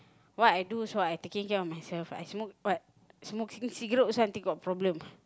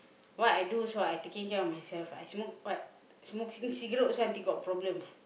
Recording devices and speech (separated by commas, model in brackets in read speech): close-talking microphone, boundary microphone, conversation in the same room